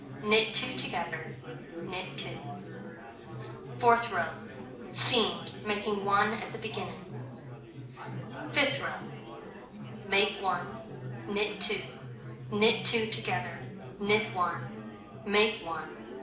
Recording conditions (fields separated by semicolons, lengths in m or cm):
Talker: one person; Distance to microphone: 2.0 m; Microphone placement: close; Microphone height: 99 cm; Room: medium-sized (5.7 m by 4.0 m); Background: babble